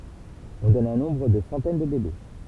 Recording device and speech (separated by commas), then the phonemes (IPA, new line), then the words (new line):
temple vibration pickup, read sentence
ɔ̃ dɔn œ̃ nɔ̃bʁ də sɑ̃tɛn də bebe
On donne un nombre de centaines de bébés.